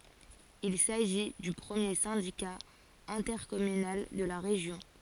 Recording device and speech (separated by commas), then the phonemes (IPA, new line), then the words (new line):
forehead accelerometer, read sentence
il saʒi dy pʁəmje sɛ̃dika ɛ̃tɛʁkɔmynal də la ʁeʒjɔ̃
Il s'agit du premier syndicat intercommunal de la région.